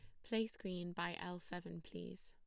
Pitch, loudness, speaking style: 175 Hz, -45 LUFS, plain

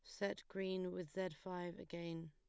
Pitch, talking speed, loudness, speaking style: 180 Hz, 170 wpm, -46 LUFS, plain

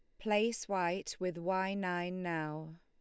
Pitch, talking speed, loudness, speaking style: 180 Hz, 140 wpm, -36 LUFS, Lombard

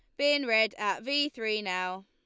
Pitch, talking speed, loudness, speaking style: 220 Hz, 195 wpm, -28 LUFS, Lombard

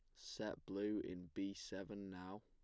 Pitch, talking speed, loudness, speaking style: 95 Hz, 160 wpm, -48 LUFS, plain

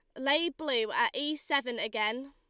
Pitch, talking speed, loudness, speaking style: 285 Hz, 170 wpm, -30 LUFS, Lombard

